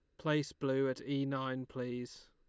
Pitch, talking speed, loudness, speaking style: 135 Hz, 170 wpm, -37 LUFS, Lombard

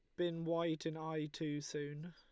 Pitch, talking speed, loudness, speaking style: 160 Hz, 190 wpm, -41 LUFS, Lombard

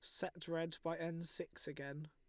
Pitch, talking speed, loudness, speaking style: 165 Hz, 190 wpm, -44 LUFS, Lombard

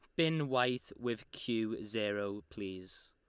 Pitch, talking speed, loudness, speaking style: 115 Hz, 125 wpm, -36 LUFS, Lombard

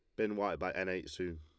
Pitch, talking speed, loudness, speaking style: 90 Hz, 305 wpm, -38 LUFS, Lombard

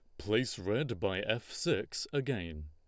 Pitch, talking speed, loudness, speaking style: 105 Hz, 145 wpm, -35 LUFS, Lombard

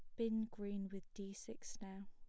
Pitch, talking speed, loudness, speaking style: 200 Hz, 190 wpm, -46 LUFS, plain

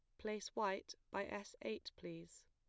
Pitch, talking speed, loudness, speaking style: 170 Hz, 155 wpm, -46 LUFS, plain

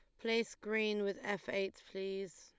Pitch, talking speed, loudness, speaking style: 205 Hz, 165 wpm, -38 LUFS, Lombard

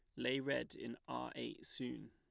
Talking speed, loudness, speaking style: 190 wpm, -44 LUFS, plain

